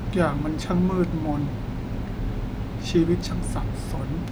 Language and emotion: Thai, sad